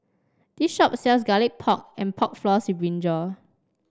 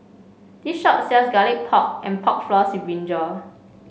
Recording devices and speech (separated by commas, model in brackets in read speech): standing microphone (AKG C214), mobile phone (Samsung C5), read sentence